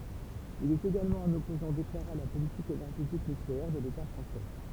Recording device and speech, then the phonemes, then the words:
temple vibration pickup, read sentence
il ɛt eɡalmɑ̃ œ̃n ɔpozɑ̃ deklaʁe a la politik enɛʁʒetik nykleɛʁ də leta fʁɑ̃sɛ
Il est également un opposant déclaré à la politique énergétique nucléaire de l'État français.

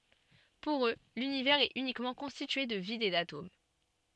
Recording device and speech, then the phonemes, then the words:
soft in-ear microphone, read sentence
puʁ ø lynivɛʁz ɛt ynikmɑ̃ kɔ̃stitye də vid e datom
Pour eux, l'Univers est uniquement constitué de vide et d'atomes.

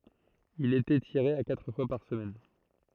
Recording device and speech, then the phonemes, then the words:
throat microphone, read sentence
il etɛ tiʁe a katʁ fwa paʁ səmɛn
Il était tiré à quatre fois par semaine.

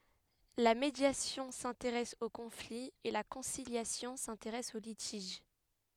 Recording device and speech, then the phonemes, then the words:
headset microphone, read sentence
la medjasjɔ̃ sɛ̃teʁɛs o kɔ̃fli e la kɔ̃siljasjɔ̃ sɛ̃teʁɛs o litiʒ
La médiation s'intéresse au conflit et la conciliation s'intéresse au litige.

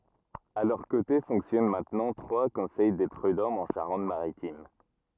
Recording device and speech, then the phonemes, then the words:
rigid in-ear microphone, read sentence
a lœʁ kote fɔ̃ksjɔn mɛ̃tnɑ̃ tʁwa kɔ̃sɛj de pʁydɔmz ɑ̃ ʃaʁɑ̃t maʁitim
À leurs côtés fonctionnent maintenant trois Conseils des Prudhommes en Charente-Maritime.

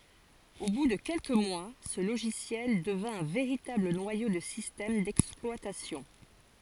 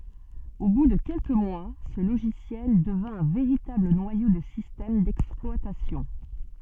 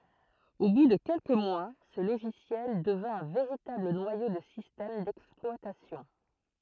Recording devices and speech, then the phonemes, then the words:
forehead accelerometer, soft in-ear microphone, throat microphone, read sentence
o bu də kɛlkə mwa sə loʒisjɛl dəvɛ̃ œ̃ veʁitabl nwajo də sistɛm dɛksplwatasjɔ̃
Au bout de quelques mois, ce logiciel devint un véritable noyau de système d'exploitation.

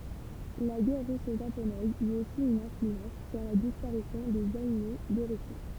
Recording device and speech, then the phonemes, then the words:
temple vibration pickup, read sentence
la ɡɛʁ ʁyso ʒaponɛz yt osi yn ɛ̃flyɑ̃s syʁ la dispaʁisjɔ̃ dez ainu də ʁysi
La guerre russo-japonaise eut aussi une influence sur la disparition des Aïnous de Russie.

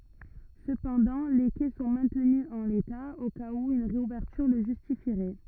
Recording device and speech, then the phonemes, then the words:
rigid in-ear microphone, read sentence
səpɑ̃dɑ̃ le kɛ sɔ̃ mɛ̃tny ɑ̃ leta o kaz u yn ʁeuvɛʁtyʁ lə ʒystifiʁɛ
Cependant, les quais sont maintenus en l'état, au cas où une réouverture le justifierait.

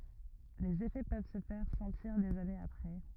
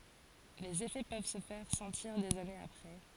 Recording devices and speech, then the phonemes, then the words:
rigid in-ear microphone, forehead accelerometer, read sentence
lez efɛ pøv sə fɛʁ sɑ̃tiʁ dez anez apʁɛ
Les effets peuvent se faire sentir des années après.

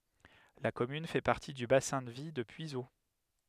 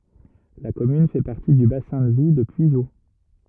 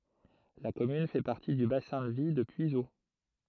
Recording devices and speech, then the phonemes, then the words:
headset microphone, rigid in-ear microphone, throat microphone, read sentence
la kɔmyn fɛ paʁti dy basɛ̃ də vi də pyizo
La commune fait partie du bassin de vie de Puiseaux.

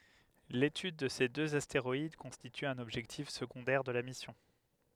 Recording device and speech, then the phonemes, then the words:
headset microphone, read sentence
letyd də se døz asteʁɔid kɔ̃stity œ̃n ɔbʒɛktif səɡɔ̃dɛʁ də la misjɔ̃
L'étude de ces deux astéroïdes constitue un objectif secondaire de la mission.

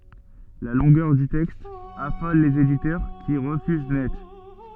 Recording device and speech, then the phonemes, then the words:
soft in-ear microphone, read sentence
la lɔ̃ɡœʁ dy tɛkst afɔl lez editœʁ ki ʁəfyz nɛt
La longueur du texte affole les éditeurs, qui refusent net.

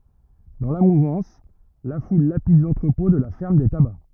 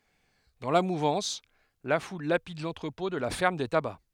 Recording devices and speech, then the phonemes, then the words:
rigid in-ear microphone, headset microphone, read sentence
dɑ̃ la muvɑ̃s la ful lapid lɑ̃tʁəpɔ̃ də la fɛʁm de taba
Dans la mouvance, la foule lapide l’entrepôt de la ferme des tabacs.

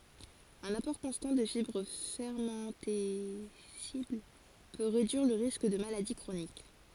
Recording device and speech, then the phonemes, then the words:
forehead accelerometer, read sentence
œ̃n apɔʁ kɔ̃stɑ̃ də fibʁ fɛʁmɑ̃tɛsibl pø ʁedyiʁ lə ʁisk də maladi kʁonik
Un apport constant de fibres fermentescibles peut réduire le risque de maladies chroniques.

